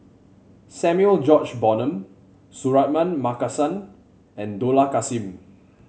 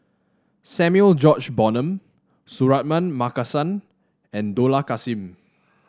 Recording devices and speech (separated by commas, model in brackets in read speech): mobile phone (Samsung C7), standing microphone (AKG C214), read sentence